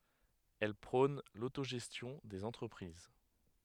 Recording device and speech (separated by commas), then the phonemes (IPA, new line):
headset microphone, read sentence
ɛl pʁɔ̃n lotoʒɛstjɔ̃ dez ɑ̃tʁəpʁiz